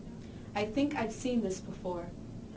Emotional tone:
neutral